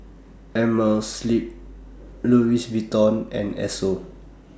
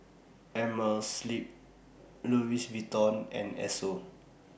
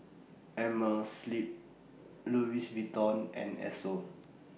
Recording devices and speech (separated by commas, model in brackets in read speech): standing microphone (AKG C214), boundary microphone (BM630), mobile phone (iPhone 6), read sentence